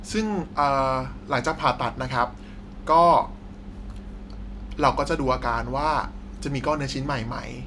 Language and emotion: Thai, neutral